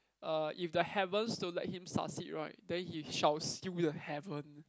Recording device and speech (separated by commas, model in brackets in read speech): close-talking microphone, conversation in the same room